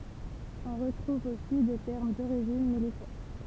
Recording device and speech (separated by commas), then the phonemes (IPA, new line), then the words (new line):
temple vibration pickup, read sentence
ɔ̃ ʁətʁuv osi de tɛʁm doʁiʒin militɛʁ
On retrouve aussi des termes d'origine militaire.